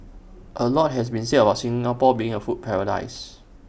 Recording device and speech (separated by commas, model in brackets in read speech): boundary microphone (BM630), read sentence